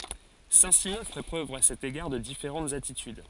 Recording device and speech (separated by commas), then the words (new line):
forehead accelerometer, read sentence
Saint-Simon fait preuve à cet égard de différentes attitudes.